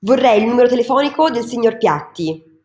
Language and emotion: Italian, angry